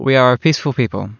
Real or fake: real